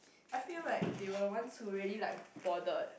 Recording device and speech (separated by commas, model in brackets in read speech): boundary microphone, conversation in the same room